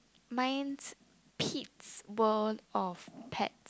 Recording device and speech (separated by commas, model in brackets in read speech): close-talking microphone, conversation in the same room